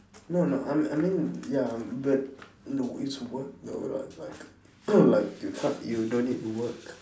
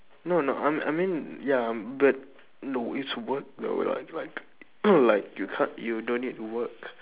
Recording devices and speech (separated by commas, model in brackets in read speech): standing microphone, telephone, conversation in separate rooms